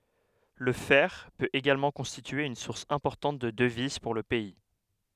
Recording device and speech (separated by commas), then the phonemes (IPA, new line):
headset microphone, read sentence
lə fɛʁ pøt eɡalmɑ̃ kɔ̃stitye yn suʁs ɛ̃pɔʁtɑ̃t də dəviz puʁ lə pɛi